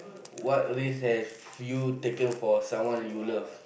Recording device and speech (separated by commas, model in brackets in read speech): boundary microphone, conversation in the same room